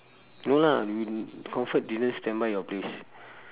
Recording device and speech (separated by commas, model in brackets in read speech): telephone, conversation in separate rooms